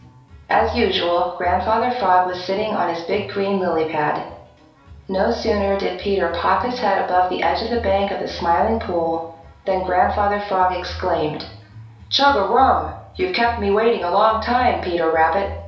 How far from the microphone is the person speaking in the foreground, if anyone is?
3.0 m.